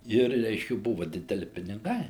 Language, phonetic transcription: Lithuanian, ˈir ˈreiškia ˈbuva dideˈli piniˈgai

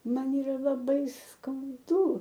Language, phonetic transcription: Lithuanian, ˈman yˈra laˈbai skauˈdu

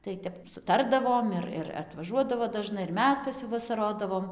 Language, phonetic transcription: Lithuanian, tai ˈtep suˈtardavom ir ir atvaˈžuodavo daˈžnai ir ˈmes pas ˈjų vasaˈrodavom

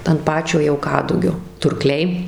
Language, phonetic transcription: Lithuanian, ant ˈpačio jau ˈkadugio turˈkliai

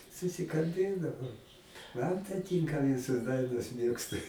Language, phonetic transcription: Lithuanian, susikalˈbėdavau ˈman tai ˈtynka ˈvisos ˈdainos ˈmėgstu

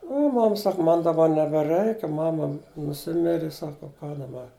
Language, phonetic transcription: Lithuanian, u ˈmam ˈsak ˈman daˈba nebeˈrɜiki ˈmama nuˈsimiri ˈsaka u ką daˈba

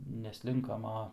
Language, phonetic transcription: Lithuanian, neˈslinkam ˈa

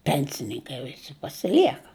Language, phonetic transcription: Lithuanian, ˈpensininkai viˈsi pasiˈlieka

